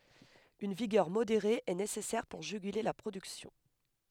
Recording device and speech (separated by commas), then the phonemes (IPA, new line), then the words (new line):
headset microphone, read sentence
yn viɡœʁ modeʁe ɛ nesɛsɛʁ puʁ ʒyɡyle la pʁodyksjɔ̃
Une vigueur modérée est nécessaire pour juguler la production.